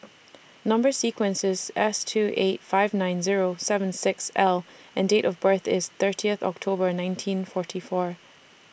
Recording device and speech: boundary microphone (BM630), read sentence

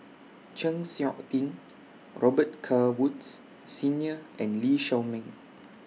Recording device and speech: mobile phone (iPhone 6), read sentence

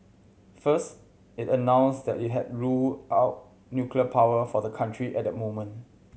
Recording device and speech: mobile phone (Samsung C7100), read sentence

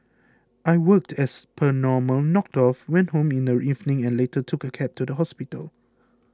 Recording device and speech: close-talking microphone (WH20), read sentence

